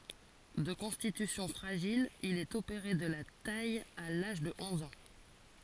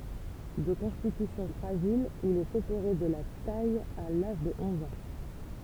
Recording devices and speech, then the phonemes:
forehead accelerometer, temple vibration pickup, read sentence
də kɔ̃stitysjɔ̃ fʁaʒil il ɛt opeʁe də la taj a laʒ də ɔ̃z ɑ̃

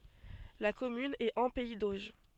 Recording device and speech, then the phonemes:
soft in-ear microphone, read sentence
la kɔmyn ɛt ɑ̃ pɛi doʒ

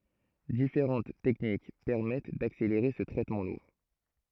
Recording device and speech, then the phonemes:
throat microphone, read sentence
difeʁɑ̃t tɛknik pɛʁmɛt dakseleʁe sə tʁɛtmɑ̃ luʁ

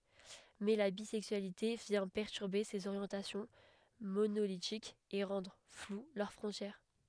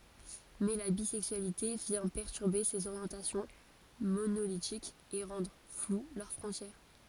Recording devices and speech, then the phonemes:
headset microphone, forehead accelerometer, read sentence
mɛ la bizɛksyalite vjɛ̃ pɛʁtyʁbe sez oʁjɑ̃tasjɔ̃ monolitikz e ʁɑ̃dʁ flw lœʁ fʁɔ̃tjɛʁ

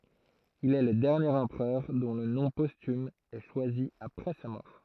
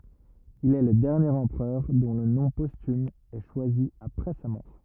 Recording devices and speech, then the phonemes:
throat microphone, rigid in-ear microphone, read sentence
il ɛ lə dɛʁnjeʁ ɑ̃pʁœʁ dɔ̃ lə nɔ̃ postym ɛ ʃwazi apʁɛ sa mɔʁ

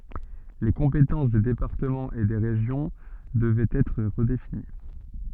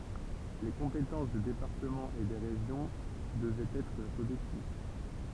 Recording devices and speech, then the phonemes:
soft in-ear microphone, temple vibration pickup, read sentence
le kɔ̃petɑ̃s de depaʁtəmɑ̃z e de ʁeʒjɔ̃ dəvɛt ɛtʁ ʁədefini

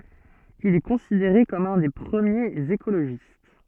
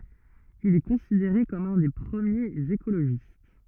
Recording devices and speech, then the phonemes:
soft in-ear microphone, rigid in-ear microphone, read sentence
il ɛ kɔ̃sideʁe kɔm œ̃ de pʁəmjez ekoloʒist

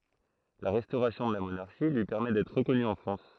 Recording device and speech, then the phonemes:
throat microphone, read sentence
la ʁɛstoʁasjɔ̃ də la monaʁʃi lyi pɛʁmɛ dɛtʁ ʁəkɔny ɑ̃ fʁɑ̃s

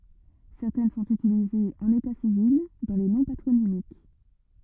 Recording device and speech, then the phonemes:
rigid in-ear microphone, read sentence
sɛʁtɛn sɔ̃t ytilizez ɑ̃n eta sivil dɑ̃ le nɔ̃ patʁonimik

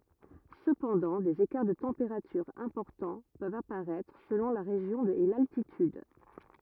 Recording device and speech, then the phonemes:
rigid in-ear microphone, read sentence
səpɑ̃dɑ̃ dez ekaʁ də tɑ̃peʁatyʁz ɛ̃pɔʁtɑ̃ pøvt apaʁɛtʁ səlɔ̃ la ʁeʒjɔ̃ e laltityd

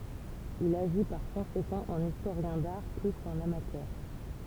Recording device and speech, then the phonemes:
temple vibration pickup, read sentence
il aʒi paʁ kɔ̃sekɑ̃ ɑ̃n istoʁjɛ̃ daʁ ply kɑ̃n amatœʁ

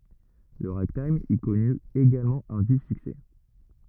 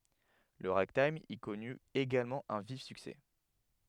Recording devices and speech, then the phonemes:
rigid in-ear microphone, headset microphone, read sentence
lə ʁaɡtajm i kɔny eɡalmɑ̃ œ̃ vif syksɛ

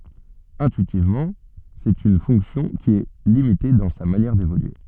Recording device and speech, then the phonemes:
soft in-ear microphone, read sentence
ɛ̃tyitivmɑ̃ sɛt yn fɔ̃ksjɔ̃ ki ɛ limite dɑ̃ sa manjɛʁ devolye

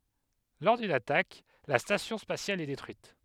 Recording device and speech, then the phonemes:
headset microphone, read sentence
lɔʁ dyn atak la stasjɔ̃ spasjal ɛ detʁyit

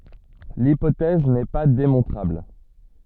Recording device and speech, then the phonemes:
soft in-ear microphone, read sentence
lipotɛz nɛ pa demɔ̃tʁabl

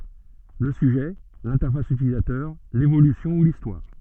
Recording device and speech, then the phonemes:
soft in-ear microphone, read sentence
lə syʒɛ lɛ̃tɛʁfas ytilizatœʁ levolysjɔ̃ u listwaʁ

